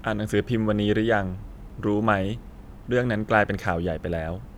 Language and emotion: Thai, neutral